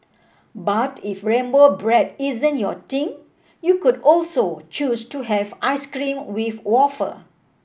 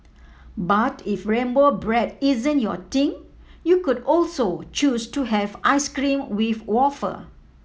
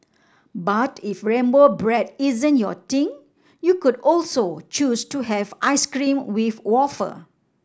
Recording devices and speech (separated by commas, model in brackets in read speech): boundary microphone (BM630), mobile phone (iPhone 7), standing microphone (AKG C214), read sentence